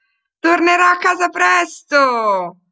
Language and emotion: Italian, happy